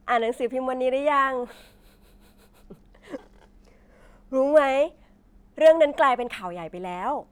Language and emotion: Thai, happy